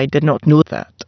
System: TTS, waveform concatenation